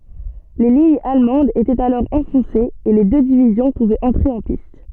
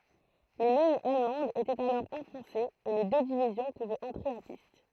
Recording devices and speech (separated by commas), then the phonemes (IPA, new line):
soft in-ear microphone, throat microphone, read sentence
le liɲz almɑ̃dz etɛt alɔʁ ɑ̃fɔ̃sez e le dø divizjɔ̃ puvɛt ɑ̃tʁe ɑ̃ pist